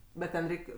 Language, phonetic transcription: Lithuanian, ˈbet ten ˈreik'

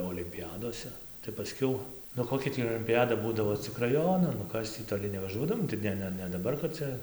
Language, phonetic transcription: Lithuanian, olimpiˈjadose tai paˈskiau nu ˈkokia tį olimpiˈjada ˈbūdavo cik raˈjonan nu ˈkas tį toˈli nevaˈžuodavom tai ˈne ˈne ne daˈbar kad ˈcia

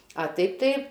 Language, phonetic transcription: Lithuanian, a ˈtaip tai

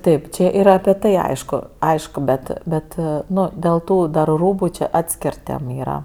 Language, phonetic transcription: Lithuanian, ˈtaip čia ˈyra api ˈtai ˈaišku ˈaišku bet ˈbet ˈnu dėl ˈtų dar ˈrūbu čia ˈatskir ˈtėm ˈyra

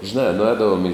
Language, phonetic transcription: Lithuanian, žiˈnā nuˈēdavom i

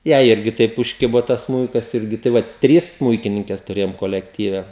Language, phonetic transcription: Lithuanian, ˈjai ˈirgi ˈtaip užˈkibo ˈtas ˈsmūikas ˈirgi tai ˈvat ˈtrys ˈsmūikininkes tuˈrėjom kolekˈtyve

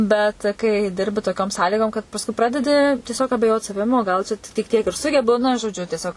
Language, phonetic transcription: Lithuanian, ˈbet kai ˈdirbi toˈkiom ˈsąlygom kad pasˈkui ˈpradedi tieˈsiog abeˈjot saˈvim o ˈgal čia tik ˈtiek ir ˈsugebu na žoˈdžiu tieˈsiog

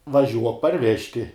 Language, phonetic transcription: Lithuanian, vaˈžiuok parˈvežti

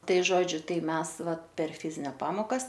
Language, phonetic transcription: Lithuanian, ˈtai ˈžodžiu ˈtai ˈmes ˈva per ˈfizinia ˈpamokas

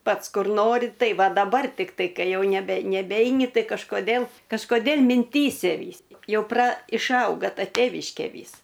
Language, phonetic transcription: Lithuanian, ˈpats ˈkur ˈnori ˈtai ˈva daˈbar tikˈtai ˈkai ˈjau neˈbe neˈbeini ˈtai kažkoˈdėl kažkoˈdėl minˈtyse ˈvys ˈjau pra išˈauga ˈta ˈtėviškė ˈvys

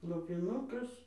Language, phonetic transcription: Lithuanian, lopiˈnukas

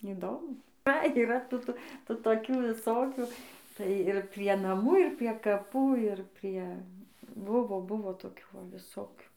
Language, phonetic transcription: Lithuanian, įˈdomu tai yˈra tų tų ˈtų toˈkių viˈsokių tai ir prie naˈmų ir prie kaˈpų ir ˈprie ˈbuvo ˈbuvo toˈkių ˈva viˈsokių

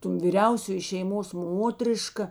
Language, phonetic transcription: Lithuanian, ton vyˈriausioji šeiˈmos ˈmotriška

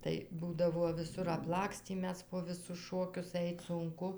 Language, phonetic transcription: Lithuanian, tai ˈbūdavuo viˈsur apˈlakstį ˈmes po ˈvisus ˈšokius ˈait sunˈku

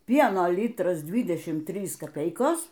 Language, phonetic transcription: Lithuanian, ˈpieno ˈlytras ˈdvydešym ˈtrys kaˈpeikos

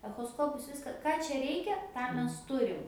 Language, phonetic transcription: Lithuanian, echoˈskopus ˈviska ˈką čia ˈreikia ˈtą ˈmes ˈturim

